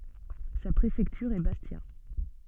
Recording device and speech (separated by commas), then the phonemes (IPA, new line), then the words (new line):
soft in-ear microphone, read sentence
sa pʁefɛktyʁ ɛ bastja
Sa préfecture est Bastia.